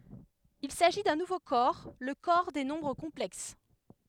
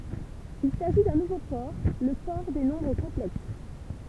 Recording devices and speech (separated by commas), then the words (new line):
headset microphone, temple vibration pickup, read sentence
Il s'agit d'un nouveau corps, le corps des nombres complexes.